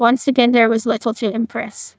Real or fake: fake